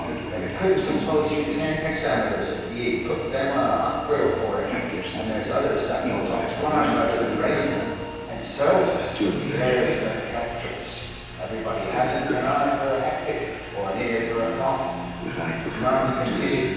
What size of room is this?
A large, echoing room.